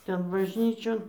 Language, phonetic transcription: Lithuanian, ˈten bažˈnyčion

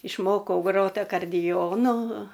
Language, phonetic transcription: Lithuanian, išˈmokau ˈgrot akarˈdijonu

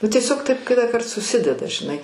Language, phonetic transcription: Lithuanian, nu tieˈsiog ˈtaip kitąˈkart suˈsideda žiˈnai

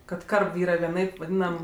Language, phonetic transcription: Lithuanian, kad ˈkarb ˈyra vieˈnaip vaˈdynam

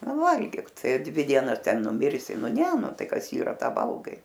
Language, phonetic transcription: Lithuanian, ˈnu ˈvalgyk ˈtai a ˈdvi ˈdienas ˈten nuˈmirsi ˈnu ˈne ˈnu ˈtai ˈkas ˈyra ˈtą ˈvalgai

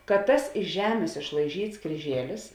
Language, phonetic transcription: Lithuanian, kad ˈtas iš ˈžemės išlaiˈžyts kryˈžielis

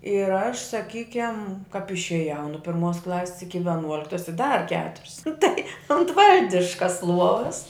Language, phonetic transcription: Lithuanian, ir aš saˈkykem kap išėˈjau nu pirˈmuos ˈklasis iki veˈnuoliktas i dar ˈketurius nu tai unt ˈvaldiškas ˈluovas

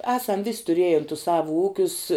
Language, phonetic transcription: Lithuanian, ˈesam vis' tuˈrėjen tus ˈsavu ˈūkius

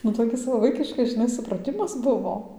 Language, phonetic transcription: Lithuanian, nu toˈkis va ˈvaikiškas žiˈnai supraˈtimas ˈbuvo

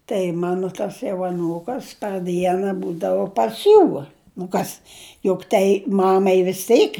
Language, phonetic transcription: Lithuanian, tai ˈmanu ˈtas jau aˈnūkas par ˈdiena ˈbūdavu pas ˈjų nu ˈkas juk ˈtai ˈmamai vis ˈteik

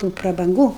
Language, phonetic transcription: Lithuanian, tų prabanˈgų

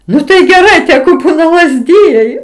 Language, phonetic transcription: Lithuanian, ˈnu tai geˈrai ˈtegu ˈbūna lazˈdijai

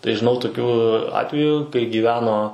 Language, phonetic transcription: Lithuanian, tai žiˈnau toˈkių ˈatvejų kai gyˈveno

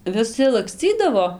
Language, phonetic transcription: Lithuanian, viˈsi lakˈscydavo

